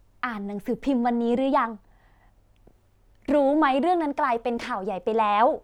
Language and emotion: Thai, neutral